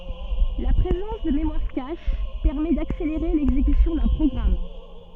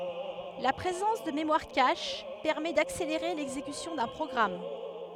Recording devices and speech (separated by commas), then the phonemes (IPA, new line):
soft in-ear microphone, headset microphone, read sentence
la pʁezɑ̃s də memwaʁ kaʃ pɛʁmɛ dakseleʁe lɛɡzekysjɔ̃ dœ̃ pʁɔɡʁam